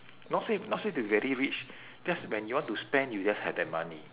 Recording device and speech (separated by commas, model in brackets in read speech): telephone, conversation in separate rooms